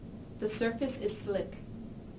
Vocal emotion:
neutral